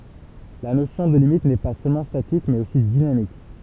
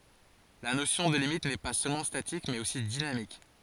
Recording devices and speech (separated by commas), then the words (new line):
temple vibration pickup, forehead accelerometer, read sentence
La notion de limite n'est pas seulement statique mais aussi dynamique.